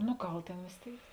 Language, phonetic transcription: Lithuanian, nu ˈgal ˈtėn vės ˈtėik

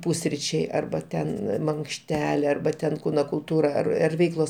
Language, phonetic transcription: Lithuanian, ˈpusryčiai arba ˈten mankšˈtelė arba ˈten ˈkūno kulˈtūra ar ar ˈveiklos

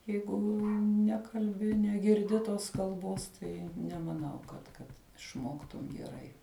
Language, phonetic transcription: Lithuanian, ˈjeigu ˈnekalbi negirˈdi ˈtos kalˈbos ˈtai nemaˈnau kad ˈkad išˈmoktum geˈrai

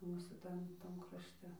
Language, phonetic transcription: Lithuanian, ˈmūsų ˈtam ˈtam krašˈte ˈmūsų ˈtam krašˈte

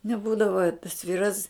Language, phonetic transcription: Lithuanian, neˈbūdavo tas ˈvyras

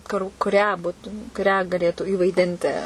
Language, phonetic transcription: Lithuanian, kur kuˈrią ˈbutum kuˈrią gaˈlėtų įvaiˈdinti

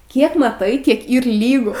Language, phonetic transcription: Lithuanian, ˈkiek maˈtai ˈkiek ˈyr ˈlygu

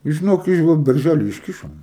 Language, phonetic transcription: Lithuanian, i žiˈnok i ˈva berˈžely išˈkišom

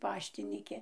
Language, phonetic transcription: Lithuanian, ˈpaštyniki

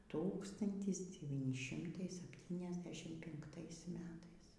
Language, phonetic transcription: Lithuanian, ˈtūkstantis deˈvyni ˈšimtai sapˌtyniasˈdešim pinkˈtais ˈmetais

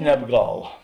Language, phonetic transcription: Lithuanian, nebˈgal

